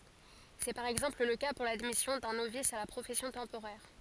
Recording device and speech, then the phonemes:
forehead accelerometer, read sentence
sɛ paʁ ɛɡzɑ̃pl lə ka puʁ ladmisjɔ̃ dœ̃ novis a la pʁofɛsjɔ̃ tɑ̃poʁɛʁ

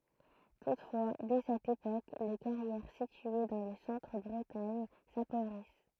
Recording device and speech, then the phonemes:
throat microphone, read sentence
tutfwa dɛ sɛt epok le kaʁjɛʁ sitye dɑ̃ lə sɑ̃tʁ bʁətaɲ sapovʁis

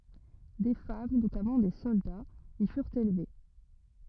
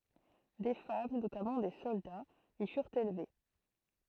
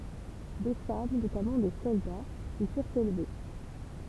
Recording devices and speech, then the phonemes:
rigid in-ear microphone, throat microphone, temple vibration pickup, read sentence
de fam notamɑ̃ de sɔldaz i fyʁt elve

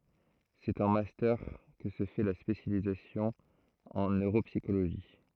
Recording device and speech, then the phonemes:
throat microphone, read sentence
sɛt ɑ̃ mastœʁ kə sə fɛ la spesjalizasjɔ̃ ɑ̃ nøʁopsikoloʒi

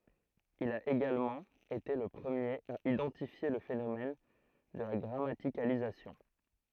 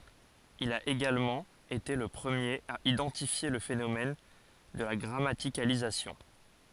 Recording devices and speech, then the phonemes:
throat microphone, forehead accelerometer, read sentence
il a eɡalmɑ̃ ete lə pʁəmjeʁ a idɑ̃tifje lə fenomɛn də la ɡʁamatikalizasjɔ̃

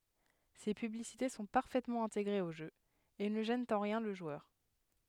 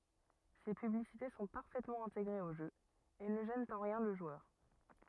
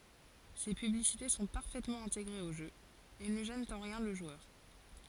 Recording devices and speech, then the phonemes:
headset microphone, rigid in-ear microphone, forehead accelerometer, read sentence
se pyblisite sɔ̃ paʁfɛtmɑ̃ ɛ̃teɡʁez o ʒø e nə ʒɛnt ɑ̃ ʁjɛ̃ lə ʒwœʁ

